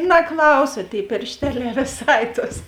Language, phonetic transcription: Lithuanian, naˈklausa ˈtėi piršˈteliā viˈsai tos

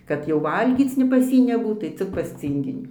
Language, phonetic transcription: Lithuanian, kad jau ˈvalgyc ne pas ˈjį neˈbūt tai ˈcik pas ˈcynginį

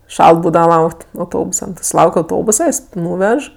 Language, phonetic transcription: Lithuanian, ˈšalt ˈbūdava ˈlaukt' auˈtobusa nu ti suˈlauk' auˈtobusa jis ˈnūvež

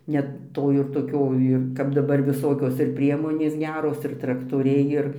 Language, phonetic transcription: Lithuanian, net ˈto ir toˈkio ˈir kap daˈbar viˈsokios ir ˈpriemonės ˈgeros ir traktoˈriai ˈir

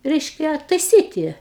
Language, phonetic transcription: Lithuanian, ˈreiškia taiˈsyti

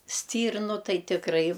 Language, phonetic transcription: Lithuanian, ˈstyrnu ˈtai tikˈrai

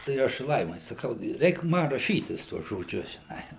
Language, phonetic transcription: Lithuanian, tai ˈaš ˈlaimai saˈkau ˈreik ˈma raˈšytis ˈtuos žoˈdžius žiˈnai

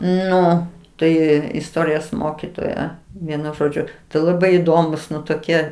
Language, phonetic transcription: Lithuanian, ˈnu ˈtai isˈtorijos ˈmokitoja vieˈnu žoˈdžiu tai laˈbai įˈdomūs ˈnu toˈkie

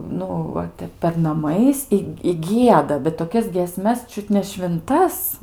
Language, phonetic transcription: Lithuanian, ˈnu ˈva ˈtep per naˈmais i i ˈgieda bet toˈkias giesmes ˈčiut ne švinˈtas

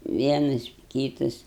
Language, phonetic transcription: Lithuanian, ˈvienas ˈkytas

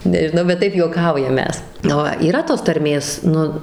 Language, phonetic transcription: Lithuanian, nežiˈnau bet ˈtaip juoˈkaujam ˈmes ˈva yˈra tos tarˈmės ˈnu

